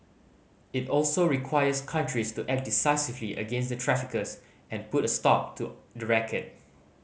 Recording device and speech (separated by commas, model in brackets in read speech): mobile phone (Samsung C5010), read sentence